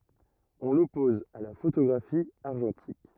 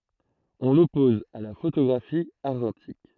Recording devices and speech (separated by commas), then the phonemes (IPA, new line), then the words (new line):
rigid in-ear microphone, throat microphone, read sentence
ɔ̃ lɔpɔz a la fotoɡʁafi aʁʒɑ̃tik
On l'oppose à la photographie argentique.